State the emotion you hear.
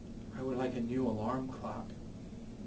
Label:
neutral